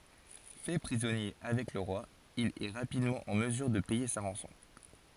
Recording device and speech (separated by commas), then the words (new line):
forehead accelerometer, read sentence
Fait prisonnier avec le roi, il est rapidement en mesure de payer sa rançon.